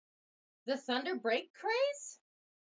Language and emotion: English, surprised